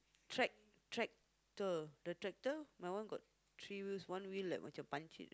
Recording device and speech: close-talking microphone, conversation in the same room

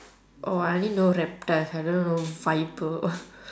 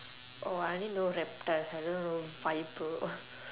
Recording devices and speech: standing microphone, telephone, conversation in separate rooms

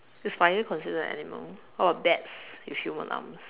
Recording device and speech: telephone, conversation in separate rooms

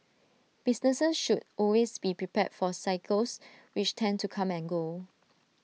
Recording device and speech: mobile phone (iPhone 6), read sentence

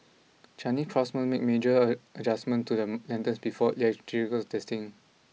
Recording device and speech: mobile phone (iPhone 6), read sentence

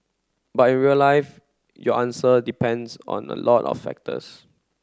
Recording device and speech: close-talking microphone (WH30), read sentence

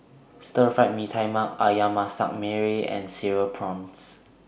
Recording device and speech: boundary microphone (BM630), read sentence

